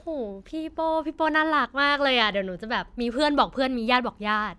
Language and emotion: Thai, happy